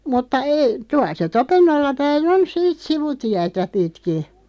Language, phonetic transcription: Finnish, mutta 'ei , 'tuaˡ se "Topennolla päi"n ‿on 'siit "sivu'tiätä 'pitki .
- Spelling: mutta ei tuolla se Topennolla päin on siitä sivutietä pitkin

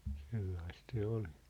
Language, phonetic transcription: Finnish, 'sellaist se 'olɪ .
- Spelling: sellaista se oli

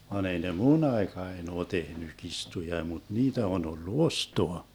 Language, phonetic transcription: Finnish, van ‿ei ne "mu'n ‿aekaen ‿oo 'tehny 'kistuja mut "niitä on ollu "ostoa .
- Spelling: vaan ei ne minun aikaani ole tehnyt kirstuja mutta niitä on ollut ostaa

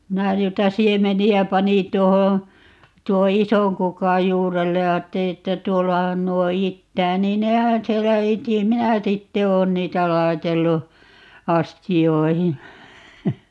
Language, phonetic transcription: Finnish, 'minä ('nuita) "siemeni₍ä 'panin 't̀uohoo̰ , 'tuo "isoŋ 'kukaj 'juurellej ja 'aatteli että 'tuollahan 'nuo "ittää 'niin "nehän 'siellä 'iti - "minä 'sitte 'oon 'niitä "lai̮tellu , "asti₍oihi .
- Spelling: minä noita siemeniä panin tuohon tuon ison kukan juurelle ja ajattelin että tuollahan nuo itää niin nehän siellä iti minä sitten olen niitä laitellut astioihin

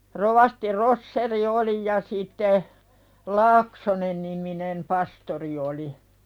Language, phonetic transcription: Finnish, 'rovasti 'Rosseri "oli ja sìtte , "Laaksonenniminem 'pastori oli .
- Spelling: rovasti Roschier oli ja sitten Laaksonen-niminen pastori oli

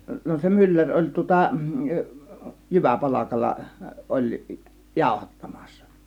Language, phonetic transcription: Finnish, 'no se 'myllär oĺ tŭŏta , "jyväpalakalla , 'oĺ , "jàȯhattamAssA .
- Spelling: no se mylläri oli tuota jyväpalkalla oli jauhattamassa

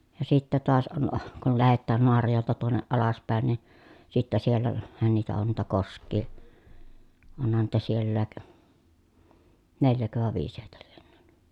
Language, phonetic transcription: Finnish, ja sittä toas on , kul lähettään Noarajòelta tuonneʼ ʼalaspä̀en ni , sittä siel- , -lähän niitä on niitä kosk̆kii , onhan niitä siellääk , neljäkö vàe viis hèi̮tÄ LIENNÖÖN .
- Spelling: ja sitten taas on kun lähetään Naarajoelta tuonne alaspäin niin sitten - siellähän niitä on niitä koskia onhan niitä sielläkin neljäkö vai viisi heitä lienee

